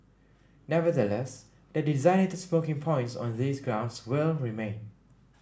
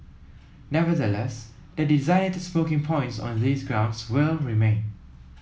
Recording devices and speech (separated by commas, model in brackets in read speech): standing microphone (AKG C214), mobile phone (iPhone 7), read sentence